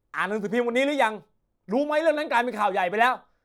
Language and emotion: Thai, angry